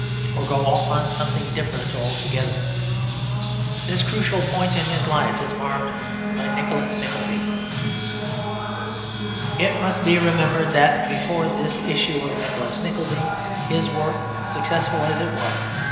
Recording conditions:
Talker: one person; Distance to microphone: 1.7 m; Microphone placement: close; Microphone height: 1.0 m; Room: very reverberant, large; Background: music

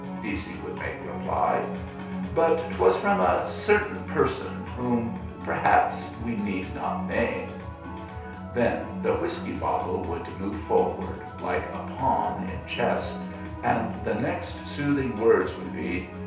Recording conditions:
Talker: one person; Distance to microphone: 3.0 m; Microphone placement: far; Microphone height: 1.8 m; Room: small (3.7 m by 2.7 m); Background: music

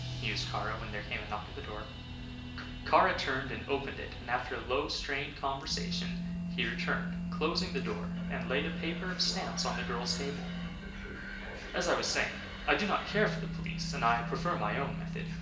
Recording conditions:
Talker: one person; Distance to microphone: 1.8 m; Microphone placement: close; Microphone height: 1.0 m; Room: large; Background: music

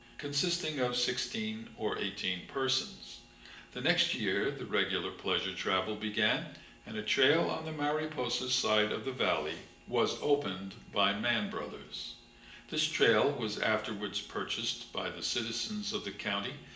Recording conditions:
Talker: one person; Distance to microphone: 1.8 m; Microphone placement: close; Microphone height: 1.0 m; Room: large; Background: none

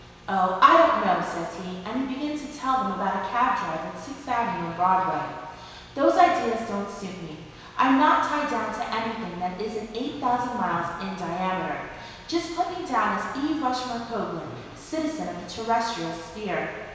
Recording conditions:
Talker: one person; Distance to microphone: 1.7 m; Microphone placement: close; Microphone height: 1.0 m; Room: very reverberant, large; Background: television

